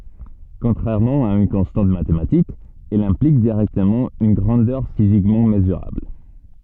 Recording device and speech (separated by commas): soft in-ear microphone, read sentence